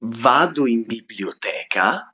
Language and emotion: Italian, surprised